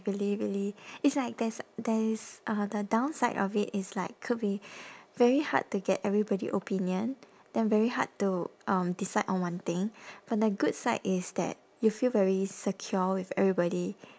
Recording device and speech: standing microphone, conversation in separate rooms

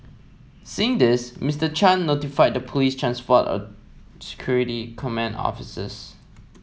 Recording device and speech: mobile phone (iPhone 7), read sentence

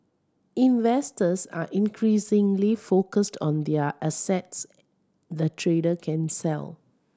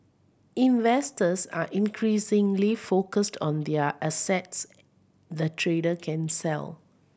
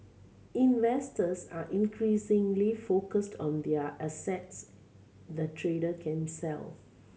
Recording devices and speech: standing microphone (AKG C214), boundary microphone (BM630), mobile phone (Samsung C7100), read sentence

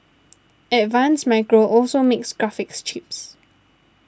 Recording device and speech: standing microphone (AKG C214), read sentence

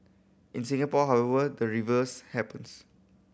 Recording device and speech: boundary microphone (BM630), read sentence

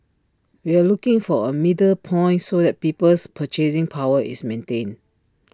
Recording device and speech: standing microphone (AKG C214), read sentence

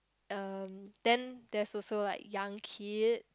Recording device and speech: close-talking microphone, conversation in the same room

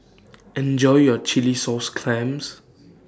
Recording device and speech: standing microphone (AKG C214), read sentence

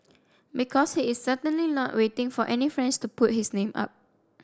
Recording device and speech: standing microphone (AKG C214), read sentence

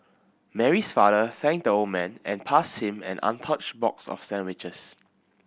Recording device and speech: boundary microphone (BM630), read sentence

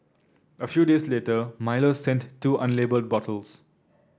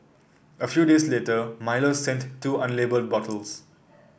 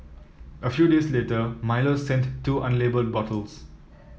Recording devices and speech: standing microphone (AKG C214), boundary microphone (BM630), mobile phone (iPhone 7), read sentence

